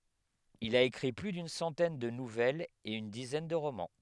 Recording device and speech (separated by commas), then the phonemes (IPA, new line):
headset microphone, read sentence
il a ekʁi ply dyn sɑ̃tɛn də nuvɛlz e yn dizɛn də ʁomɑ̃